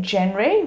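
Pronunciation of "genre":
'Genre' is pronounced incorrectly here.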